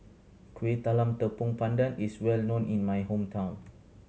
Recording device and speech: mobile phone (Samsung C7100), read sentence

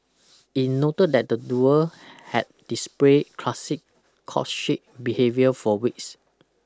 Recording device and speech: close-talking microphone (WH20), read sentence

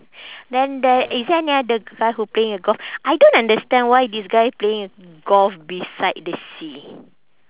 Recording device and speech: telephone, conversation in separate rooms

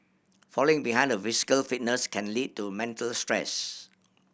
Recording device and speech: boundary microphone (BM630), read sentence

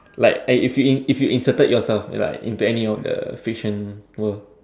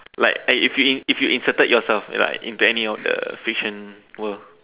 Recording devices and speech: standing microphone, telephone, conversation in separate rooms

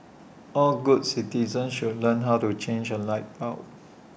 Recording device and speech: boundary microphone (BM630), read sentence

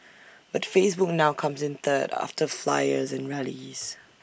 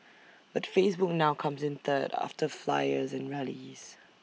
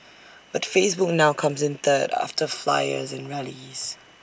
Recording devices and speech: boundary microphone (BM630), mobile phone (iPhone 6), standing microphone (AKG C214), read sentence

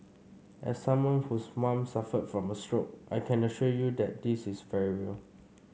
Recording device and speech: mobile phone (Samsung C5), read sentence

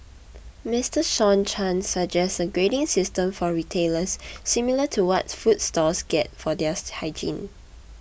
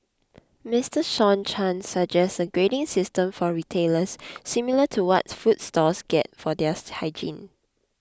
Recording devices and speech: boundary microphone (BM630), close-talking microphone (WH20), read sentence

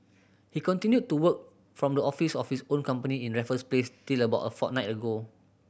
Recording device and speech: boundary microphone (BM630), read sentence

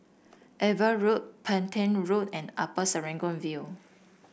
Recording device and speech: boundary microphone (BM630), read sentence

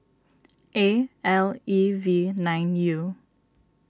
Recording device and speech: standing microphone (AKG C214), read sentence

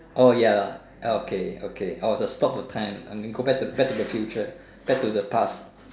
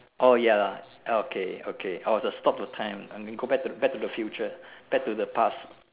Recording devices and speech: standing microphone, telephone, conversation in separate rooms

